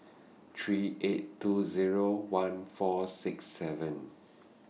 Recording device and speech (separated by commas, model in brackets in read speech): mobile phone (iPhone 6), read sentence